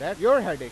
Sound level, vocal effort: 105 dB SPL, very loud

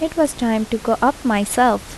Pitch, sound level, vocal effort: 235 Hz, 77 dB SPL, soft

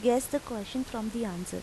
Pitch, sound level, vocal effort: 230 Hz, 84 dB SPL, normal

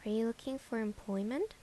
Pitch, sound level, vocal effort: 230 Hz, 76 dB SPL, soft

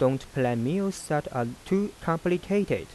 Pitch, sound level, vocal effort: 165 Hz, 86 dB SPL, soft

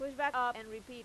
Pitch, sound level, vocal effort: 245 Hz, 97 dB SPL, loud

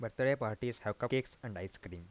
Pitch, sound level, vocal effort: 115 Hz, 86 dB SPL, soft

